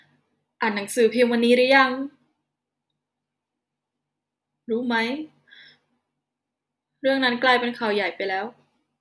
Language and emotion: Thai, sad